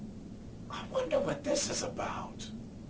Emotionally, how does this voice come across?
fearful